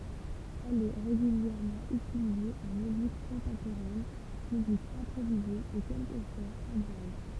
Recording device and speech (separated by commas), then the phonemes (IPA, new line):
temple vibration pickup, read sentence
ɛl ɛ ʁeɡyljɛʁmɑ̃ ytilize ɑ̃ myzik kɔ̃tɑ̃poʁɛn myzik ɛ̃pʁovize e kɛlkəfwaz ɑ̃ dʒaz